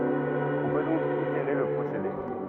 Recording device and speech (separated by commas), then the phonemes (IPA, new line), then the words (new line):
rigid in-ear microphone, read sentence
ɔ̃ pø dɔ̃k iteʁe lə pʁosede
On peut donc itérer le procédé.